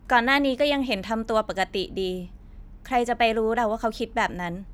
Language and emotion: Thai, frustrated